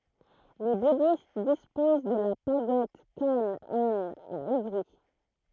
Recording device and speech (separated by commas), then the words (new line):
throat microphone, read sentence
Les bouddhistes disposent de la Pagode Khánh-Anh à Évry.